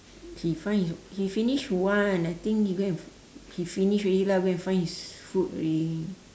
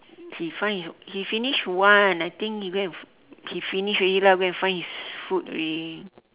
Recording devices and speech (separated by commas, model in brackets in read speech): standing microphone, telephone, conversation in separate rooms